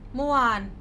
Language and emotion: Thai, frustrated